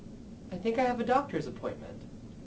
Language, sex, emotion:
English
male
neutral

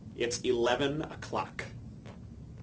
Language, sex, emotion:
English
male
angry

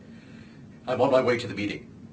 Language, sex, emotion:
English
male
neutral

